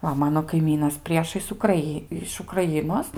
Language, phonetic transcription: Lithuanian, ˈva ˈmano kaiˈmynas ˈpriešais ukraˈy iš ukraˈjinos

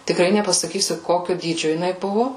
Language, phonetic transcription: Lithuanian, tikˈrai nepasaˈkysiu ˈkokiu ˈdydžiu jiˈnai ˈbuvu

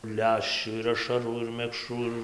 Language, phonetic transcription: Lithuanian, ˈleščių ir ašaˈrų ir mekˈšrų ir

